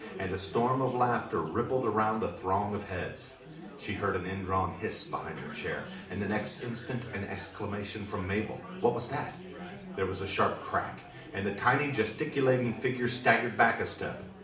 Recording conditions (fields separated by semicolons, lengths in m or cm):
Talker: one person; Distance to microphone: 2.0 m; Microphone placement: close; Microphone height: 99 cm; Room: medium-sized (5.7 m by 4.0 m); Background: babble